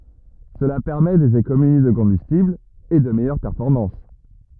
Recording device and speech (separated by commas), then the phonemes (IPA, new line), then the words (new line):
rigid in-ear microphone, read sentence
səla pɛʁmɛ dez ekonomi də kɔ̃bystibl e də mɛjœʁ pɛʁfɔʁmɑ̃s
Cela permet des économies de combustible et de meilleures performances.